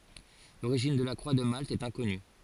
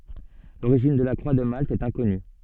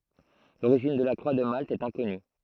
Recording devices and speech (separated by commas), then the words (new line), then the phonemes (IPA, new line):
forehead accelerometer, soft in-ear microphone, throat microphone, read sentence
L'origine de la croix de Malte est inconnue.
loʁiʒin də la kʁwa də malt ɛt ɛ̃kɔny